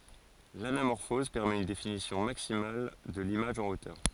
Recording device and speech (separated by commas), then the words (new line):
forehead accelerometer, read sentence
L'anamorphose permet une définition maximale de l'image en hauteur.